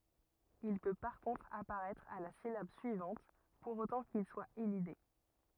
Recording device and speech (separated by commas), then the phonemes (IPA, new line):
rigid in-ear microphone, read sentence
il pø paʁ kɔ̃tʁ apaʁɛtʁ a la silab syivɑ̃t puʁ otɑ̃ kil swa elide